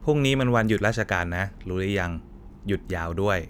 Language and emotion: Thai, neutral